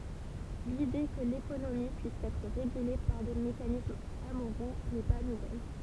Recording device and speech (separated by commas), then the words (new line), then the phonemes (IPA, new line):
temple vibration pickup, read sentence
L’idée que l’économie puisse être régulée par des mécanismes amoraux n’est pas nouvelle.
lide kə lekonomi pyis ɛtʁ ʁeɡyle paʁ de mekanismz amoʁo nɛ pa nuvɛl